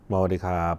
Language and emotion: Thai, neutral